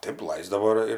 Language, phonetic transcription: Lithuanian, ˈtaip ˈlaisdavo ir ir

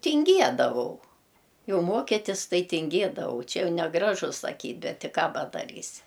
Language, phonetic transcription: Lithuanian, tinˈgiedavau ˈjau ˈmokitis ˈtai tinˈgėdavau ˈčia ˈjau neˈgražu saˈkyt' ˈbet ti ˈką padaˈrysi

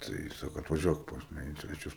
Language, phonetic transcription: Lithuanian, tai ˈsako atvaˈžiuok pas ˈmane in sveˈčius

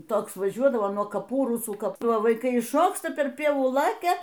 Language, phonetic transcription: Lithuanian, ˈtoks vaˈžiuodavo nuo kaˈpų ˈrusų ˈkap vaiˈkai išˈšoksta per ˈpievų ˈlakia

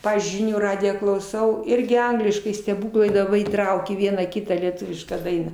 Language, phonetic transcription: Lithuanian, ˈpavyzdžiui ˈžinių ˈradiją klauˈsau ˈirgi ˈangliškai steˈbūklai da ˈva įˈtraukė ˈvieną ˈkitą lieˈtuvišką ˈdainą

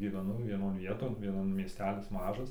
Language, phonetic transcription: Lithuanian, gyveˈnau vieˈnon ˈvieton ˈvienon mieˈstelis ˈmažas

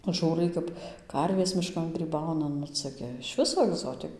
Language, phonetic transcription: Lithuanian, ˈžūrai kap ˈkarvės miˈškan gryˈbauna ˈnu ˈca gi iš ˈviso agˈzotik

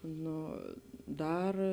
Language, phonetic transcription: Lithuanian, ˈno ˈdar

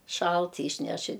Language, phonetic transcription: Lithuanian, ˈšalt yšˈneš i

